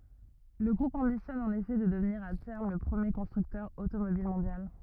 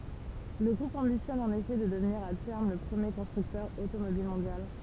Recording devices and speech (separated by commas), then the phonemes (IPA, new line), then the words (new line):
rigid in-ear microphone, temple vibration pickup, read sentence
lə ɡʁup ɑ̃bisjɔn ɑ̃n efɛ də dəvniʁ a tɛʁm lə pʁəmje kɔ̃stʁyktœʁ otomobil mɔ̃djal
Le groupe ambitionne en effet de devenir à terme le premier constructeur automobile mondial.